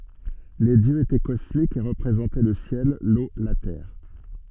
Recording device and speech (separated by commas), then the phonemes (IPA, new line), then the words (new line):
soft in-ear microphone, read sentence
le djøz etɛ kɔsmikz e ʁəpʁezɑ̃tɛ lə sjɛl lo la tɛʁ
Les dieux étaient cosmiques et représentaient le ciel, l’eau, la terre.